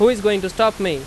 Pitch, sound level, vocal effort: 210 Hz, 94 dB SPL, very loud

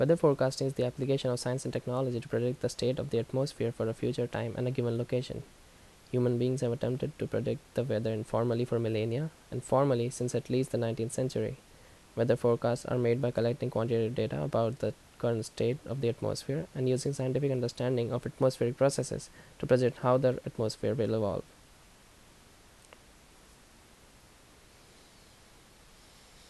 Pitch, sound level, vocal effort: 125 Hz, 75 dB SPL, normal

